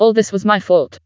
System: TTS, vocoder